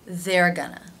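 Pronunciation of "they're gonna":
In 'they're gonna', there is no pause between 'they're' and 'gonna'.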